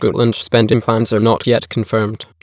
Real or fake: fake